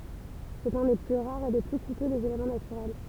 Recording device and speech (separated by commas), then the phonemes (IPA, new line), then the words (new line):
temple vibration pickup, read sentence
sɛt œ̃ de ply ʁaʁz e de ply kutø dez elemɑ̃ natyʁɛl
C'est un des plus rares et des plus coûteux des éléments naturels.